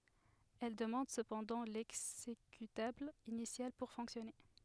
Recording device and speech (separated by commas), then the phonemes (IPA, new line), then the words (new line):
headset microphone, read sentence
ɛl dəmɑ̃d səpɑ̃dɑ̃ lɛɡzekytabl inisjal puʁ fɔ̃ksjɔne
Elle demande cependant l'exécutable initial pour fonctionner.